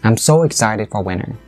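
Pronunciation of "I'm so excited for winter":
The intonation falls at the end, and the voice goes back down on 'winter'.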